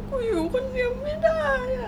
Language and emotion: Thai, sad